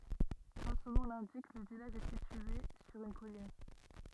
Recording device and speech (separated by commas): rigid in-ear microphone, read sentence